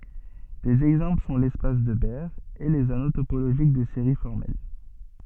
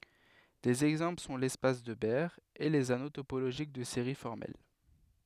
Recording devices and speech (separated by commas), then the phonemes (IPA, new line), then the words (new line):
soft in-ear microphone, headset microphone, read sentence
dez ɛɡzɑ̃pl sɔ̃ lɛspas də bɛʁ e lez ano topoloʒik də seʁi fɔʁmɛl
Des exemples sont l'espace de Baire et les anneaux topologiques de séries formelles.